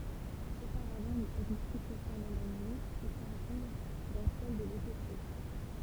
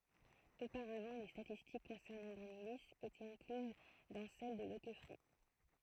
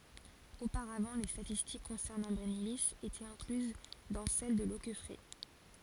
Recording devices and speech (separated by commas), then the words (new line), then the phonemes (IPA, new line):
temple vibration pickup, throat microphone, forehead accelerometer, read sentence
Auparavant les statistiques concernant Brennilis étaient incluses dans celles de Loqueffret.
opaʁavɑ̃ le statistik kɔ̃sɛʁnɑ̃ bʁɛnili etɛt ɛ̃klyz dɑ̃ sɛl də lokɛfʁɛ